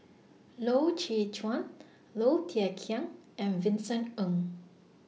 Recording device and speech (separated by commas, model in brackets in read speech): mobile phone (iPhone 6), read sentence